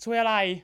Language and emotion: Thai, frustrated